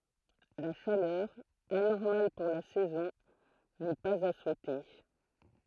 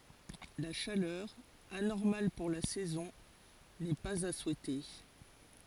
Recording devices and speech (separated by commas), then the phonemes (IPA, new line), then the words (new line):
throat microphone, forehead accelerometer, read sentence
la ʃalœʁ anɔʁmal puʁ la sɛzɔ̃ nɛ paz a suɛte
La chaleur, anormale pour la saison, n'est pas à souhaiter.